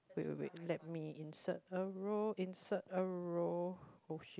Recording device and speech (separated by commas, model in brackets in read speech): close-talking microphone, conversation in the same room